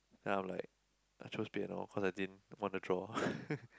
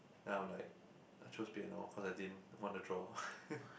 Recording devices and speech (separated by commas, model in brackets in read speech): close-talking microphone, boundary microphone, conversation in the same room